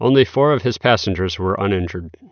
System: none